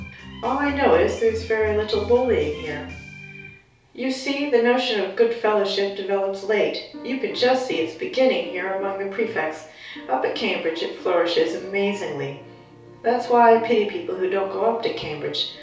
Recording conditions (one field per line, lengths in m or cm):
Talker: one person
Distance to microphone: 3.0 m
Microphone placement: far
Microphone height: 1.8 m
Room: small (3.7 m by 2.7 m)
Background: music